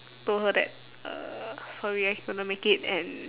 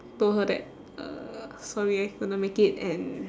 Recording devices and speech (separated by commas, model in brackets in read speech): telephone, standing microphone, conversation in separate rooms